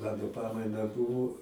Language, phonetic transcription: Lithuanian, ˈmano ˈpamaina ˈbuvo

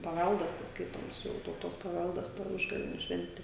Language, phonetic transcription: Lithuanian, paˈvældas tas ˈskaitoms ˈjau tauˈtos paˈvældas ta ˈužgavėniu ˈšventi

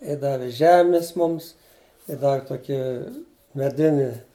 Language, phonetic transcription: Lithuanian, i ˈdavi ˈžemis ˈmums i ˈdavi ˈtokį meˈdini

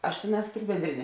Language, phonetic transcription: Lithuanian, aš ˈtėˌnās tik benˈdrine

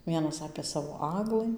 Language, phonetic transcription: Lithuanian, ˈvienas apė ˈsavo ˈaglɨ

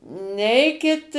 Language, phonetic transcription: Lithuanian, ˈneikit

